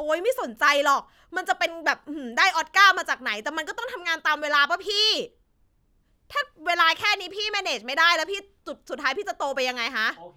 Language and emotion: Thai, angry